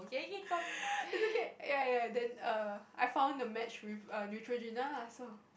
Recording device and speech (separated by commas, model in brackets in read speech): boundary microphone, conversation in the same room